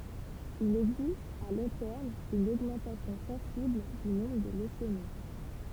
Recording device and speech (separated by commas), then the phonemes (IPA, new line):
temple vibration pickup, read sentence
il ɛɡzist a lɔ̃ tɛʁm yn oɡmɑ̃tasjɔ̃ sɑ̃sibl dy nɔ̃bʁ də løsemi